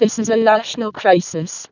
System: VC, vocoder